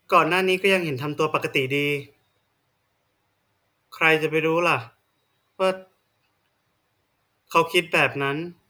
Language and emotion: Thai, frustrated